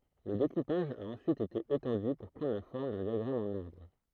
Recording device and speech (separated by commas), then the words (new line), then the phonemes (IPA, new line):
throat microphone, read sentence
Le découpage a ensuite été étendu pour prendre la forme d'un diagramme en arbre.
lə dekupaʒ a ɑ̃syit ete etɑ̃dy puʁ pʁɑ̃dʁ la fɔʁm dœ̃ djaɡʁam ɑ̃n aʁbʁ